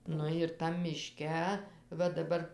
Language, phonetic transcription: Lithuanian, ˈnu ir tam miˈške ˈva daˈbar

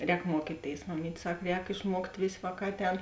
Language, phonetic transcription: Lithuanian, ˈrēk ˈmuokyˌtėis maˈmyt' ˈsak ˈrēk išˈmuokt' ˈvės' ˈvāˌkā ˈatˌēn

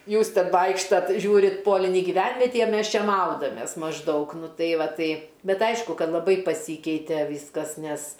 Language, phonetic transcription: Lithuanian, ˈjūs ˈten ˈvaikštat ˈžiūrit ˈpolinį giˈvenvetį a ˈmes ˈčia ˈmaudamės mažˈdaug ˈnu ˈtai ˈva ˈtai ˈbet ˈaišku ˈkad laˈbai paˈsykeite ˈvyskas nes

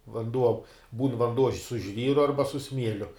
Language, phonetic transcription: Lithuanian, vanˈduo būn vanˈduo su ˈžvyru ˈarba su ˈsmieliu

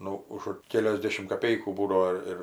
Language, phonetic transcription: Lithuanian, ˈnu už ˈkeliosˌdėšimt kaˌpeikų ˈbūdavo ˈir

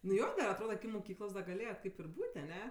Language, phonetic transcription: Lithuanian, nu ˈjo dar atˈroda muˈkyklos da gaˈlėjat ˈkaip ir ˈbūt' aˈne

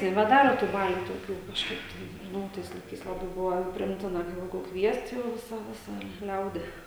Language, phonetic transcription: Lithuanian, nebeˈdaro tų ˈbalių toˈkių kažˈkaip tai ˈnu o ˈtais laiˈkais laˈbai ˈbuvo priˈimtina ka ˈjeigu ˈkviest ˈjau ˈvisa ˈvisa ˈliaudi

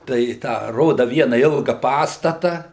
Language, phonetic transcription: Lithuanian, tai ˈtą ˈroda ˈviena ˈilga ˈpastata

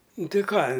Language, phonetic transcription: Lithuanian, ˈnu ˈti ˈką

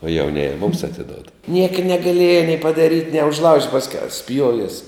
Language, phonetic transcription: Lithuanian, o jauˈnėje mums atiˈdod ˈnieka negaˈlieja nei padaˈryt' nie užˈlaužt' pasˈkiau ˈspjuovies

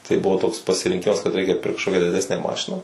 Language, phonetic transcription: Lithuanian, tai ˈbuvo toks pasirinˈkimas kad ˈreikia ˈpirkt kažˈkokia diˈdesnę ˈmašiną

